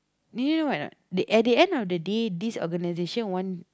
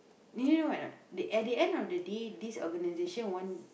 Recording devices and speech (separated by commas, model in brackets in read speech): close-talking microphone, boundary microphone, conversation in the same room